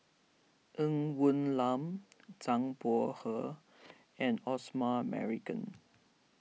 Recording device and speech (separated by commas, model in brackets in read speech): mobile phone (iPhone 6), read sentence